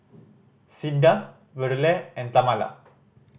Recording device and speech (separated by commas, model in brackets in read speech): boundary microphone (BM630), read sentence